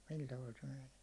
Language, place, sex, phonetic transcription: Finnish, Hollola, male, sil taval se meɴᴇᴇ .
- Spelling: sillä tavalla se menee

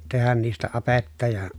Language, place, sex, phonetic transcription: Finnish, Pielisjärvi, male, tehän niistä apetta ja ,.
- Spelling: tehdä niistä apetta ja

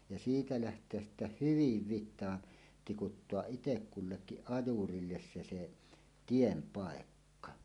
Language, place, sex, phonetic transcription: Finnish, Suomussalmi, male, ja 'siitä läht̀eäs sittä "hyviv 'vit̆taan , tikuttoaˀ "ˀitekkullekkiˀ 'ˀajurilles se se , "tiem 'pàekka .
- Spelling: ja siitä lähteä sitten hyvin vitaan tikuttaa itse kullekin ajurille se se tien paikka

